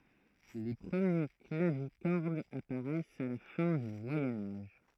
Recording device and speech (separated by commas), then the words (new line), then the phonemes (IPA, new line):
throat microphone, read sentence
Les premiers clavicordes apparaissent à la fin du Moyen Âge.
le pʁəmje klavikɔʁdz apaʁɛst a la fɛ̃ dy mwajɛ̃ aʒ